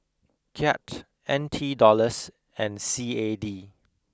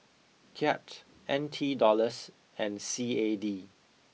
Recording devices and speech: close-talking microphone (WH20), mobile phone (iPhone 6), read sentence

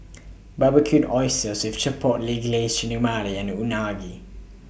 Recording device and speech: boundary microphone (BM630), read sentence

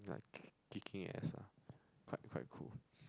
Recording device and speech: close-talking microphone, conversation in the same room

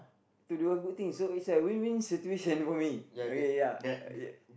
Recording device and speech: boundary microphone, conversation in the same room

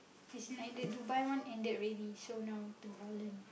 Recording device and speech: boundary microphone, conversation in the same room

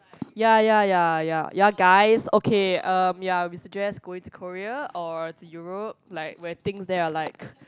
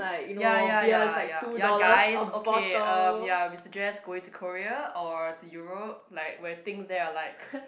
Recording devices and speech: close-talking microphone, boundary microphone, conversation in the same room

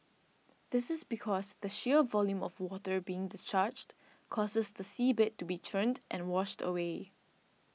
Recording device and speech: mobile phone (iPhone 6), read sentence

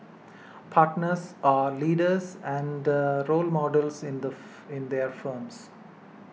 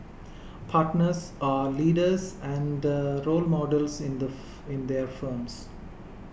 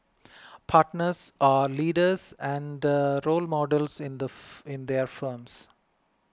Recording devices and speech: mobile phone (iPhone 6), boundary microphone (BM630), close-talking microphone (WH20), read sentence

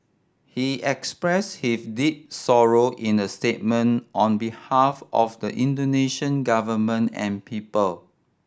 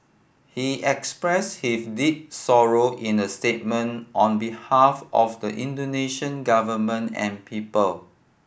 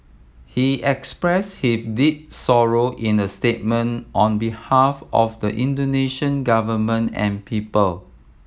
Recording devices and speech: standing microphone (AKG C214), boundary microphone (BM630), mobile phone (iPhone 7), read sentence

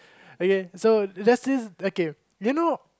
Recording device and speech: close-talking microphone, conversation in the same room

